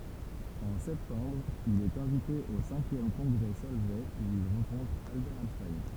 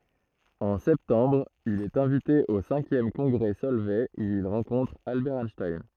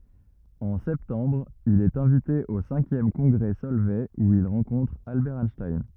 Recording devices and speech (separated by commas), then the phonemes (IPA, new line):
temple vibration pickup, throat microphone, rigid in-ear microphone, read sentence
ɑ̃ sɛptɑ̃bʁ il ɛt ɛ̃vite o sɛ̃kjɛm kɔ̃ɡʁɛ sɔlvɛ u il ʁɑ̃kɔ̃tʁ albɛʁ ɛnʃtajn